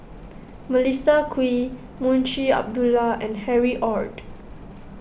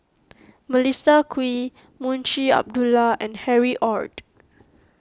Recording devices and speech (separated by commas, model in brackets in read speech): boundary microphone (BM630), close-talking microphone (WH20), read sentence